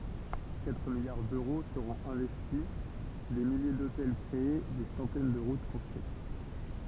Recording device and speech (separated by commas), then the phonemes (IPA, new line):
temple vibration pickup, read sentence
katʁ miljaʁ døʁo səʁɔ̃t ɛ̃vɛsti de milje dotɛl kʁee de sɑ̃tɛn də ʁut kɔ̃stʁyit